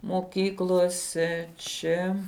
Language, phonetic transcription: Lithuanian, moˈkyklose ˈčia

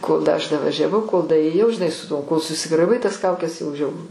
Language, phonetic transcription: Lithuanian, kol da ˈaš davažiaˈvau kol daėˈjau žiˈnai su ˈtuo kol susigraˈibai tas ˈkaukes jau ˈžiauru

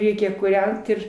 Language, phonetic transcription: Lithuanian, ˈreikia kūˈrent ir

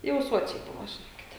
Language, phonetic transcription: Lithuanian, jau ˈsuočiai ˈbuvo žiˈnokite

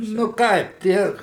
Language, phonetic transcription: Lithuanian, nu ˈkaip ˈtie

